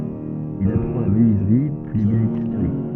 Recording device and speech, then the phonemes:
soft in-ear microphone, read sentence
il apʁɑ̃ la mənyizʁi pyi lebenistʁi

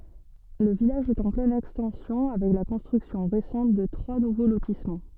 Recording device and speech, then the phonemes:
soft in-ear microphone, read sentence
lə vilaʒ ɛt ɑ̃ plɛn ɛkstɑ̃sjɔ̃ avɛk la kɔ̃stʁyksjɔ̃ ʁesɑ̃t də tʁwa nuvo lotismɑ̃

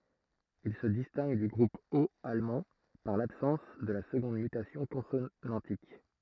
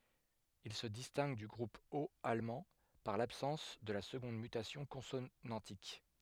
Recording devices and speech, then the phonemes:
throat microphone, headset microphone, read sentence
il sə distɛ̃ɡ dy ɡʁup ot almɑ̃ paʁ labsɑ̃s də la səɡɔ̃d mytasjɔ̃ kɔ̃sonɑ̃tik

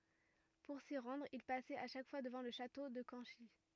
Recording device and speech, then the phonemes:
rigid in-ear microphone, read sentence
puʁ si ʁɑ̃dʁ il pasɛt a ʃak fwa dəvɑ̃ lə ʃato də kɑ̃ʃi

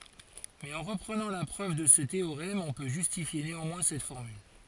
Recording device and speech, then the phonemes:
forehead accelerometer, read sentence
mɛz ɑ̃ ʁəpʁənɑ̃ la pʁøv də sə teoʁɛm ɔ̃ pø ʒystifje neɑ̃mwɛ̃ sɛt fɔʁmyl

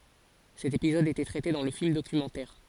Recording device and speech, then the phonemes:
forehead accelerometer, read sentence
sɛt epizɔd etɛ tʁɛte dɑ̃ lə film dokymɑ̃tɛʁ

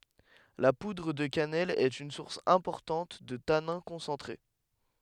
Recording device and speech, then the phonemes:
headset microphone, read sentence
la pudʁ də kanɛl ɛt yn suʁs ɛ̃pɔʁtɑ̃t də tanɛ̃ kɔ̃sɑ̃tʁe

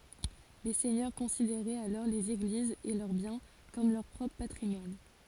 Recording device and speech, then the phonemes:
forehead accelerometer, read sentence
le sɛɲœʁ kɔ̃sideʁɛt alɔʁ lez eɡlizz e lœʁ bjɛ̃ kɔm lœʁ pʁɔpʁ patʁimwan

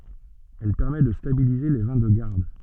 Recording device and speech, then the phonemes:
soft in-ear microphone, read sentence
ɛl pɛʁmɛ də stabilize le vɛ̃ də ɡaʁd

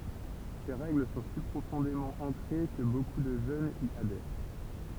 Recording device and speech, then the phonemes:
temple vibration pickup, read sentence
se ʁɛɡl sɔ̃ si pʁofɔ̃demɑ̃ ɑ̃kʁe kə boku də ʒønz i adɛʁ

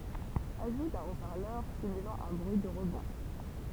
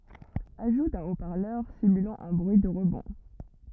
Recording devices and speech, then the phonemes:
temple vibration pickup, rigid in-ear microphone, read sentence
aʒu dœ̃ o paʁlœʁ simylɑ̃ œ̃ bʁyi də ʁəbɔ̃

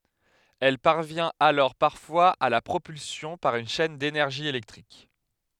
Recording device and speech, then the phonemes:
headset microphone, read sentence
ɛl paʁvjɛ̃t alɔʁ paʁfwaz a la pʁopylsjɔ̃ paʁ yn ʃɛn denɛʁʒi elɛktʁik

